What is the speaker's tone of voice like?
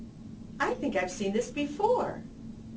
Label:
happy